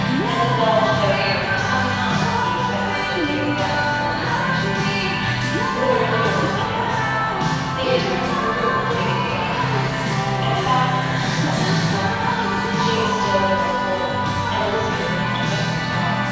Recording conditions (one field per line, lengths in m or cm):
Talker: one person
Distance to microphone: 7.1 m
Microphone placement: far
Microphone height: 1.7 m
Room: very reverberant, large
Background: music